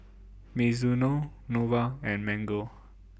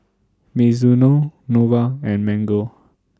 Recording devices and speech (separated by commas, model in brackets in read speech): boundary microphone (BM630), standing microphone (AKG C214), read sentence